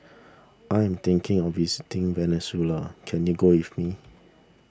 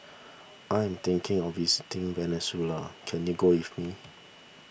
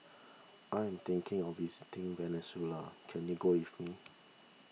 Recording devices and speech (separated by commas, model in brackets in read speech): standing microphone (AKG C214), boundary microphone (BM630), mobile phone (iPhone 6), read sentence